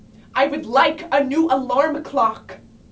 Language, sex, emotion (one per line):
English
female
angry